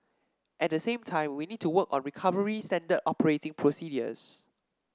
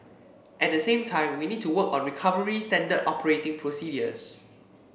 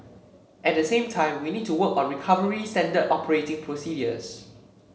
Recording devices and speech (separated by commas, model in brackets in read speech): standing microphone (AKG C214), boundary microphone (BM630), mobile phone (Samsung C7), read sentence